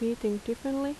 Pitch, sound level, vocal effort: 230 Hz, 78 dB SPL, soft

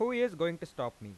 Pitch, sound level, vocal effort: 170 Hz, 94 dB SPL, normal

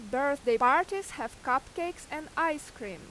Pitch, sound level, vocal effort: 295 Hz, 92 dB SPL, very loud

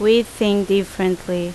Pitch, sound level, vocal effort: 195 Hz, 83 dB SPL, loud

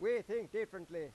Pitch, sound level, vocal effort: 220 Hz, 101 dB SPL, very loud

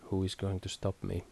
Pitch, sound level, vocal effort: 95 Hz, 72 dB SPL, soft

